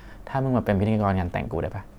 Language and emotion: Thai, neutral